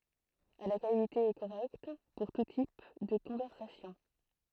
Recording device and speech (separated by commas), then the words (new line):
throat microphone, read sentence
À la qualité est correcte pour tout type de conversation.